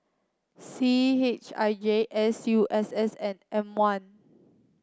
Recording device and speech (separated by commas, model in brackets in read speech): close-talking microphone (WH30), read sentence